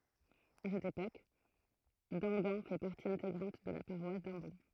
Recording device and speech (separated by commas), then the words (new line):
throat microphone, read sentence
À cette époque, Damgan fait partie intégrante de la paroisse d'Ambon.